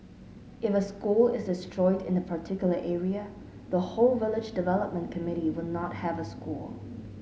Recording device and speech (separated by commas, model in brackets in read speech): mobile phone (Samsung S8), read sentence